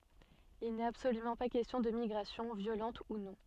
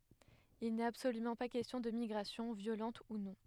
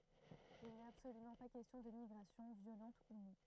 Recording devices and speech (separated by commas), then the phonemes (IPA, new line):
soft in-ear microphone, headset microphone, throat microphone, read sentence
il nɛt absolymɑ̃ pa kɛstjɔ̃ də miɡʁasjɔ̃ vjolɑ̃t u nɔ̃